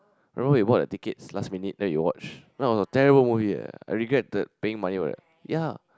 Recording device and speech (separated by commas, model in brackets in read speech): close-talking microphone, conversation in the same room